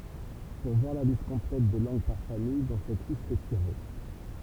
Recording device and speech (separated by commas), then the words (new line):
temple vibration pickup, read sentence
Pour voir la liste complète des langues par famille dont cette liste est tirée.